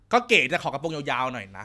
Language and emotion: Thai, frustrated